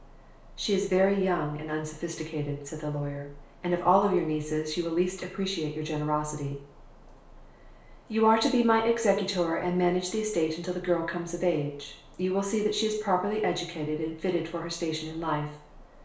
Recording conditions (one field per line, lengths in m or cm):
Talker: one person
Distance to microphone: 1.0 m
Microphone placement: close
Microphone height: 1.1 m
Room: small (3.7 m by 2.7 m)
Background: none